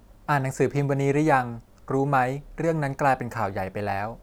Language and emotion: Thai, neutral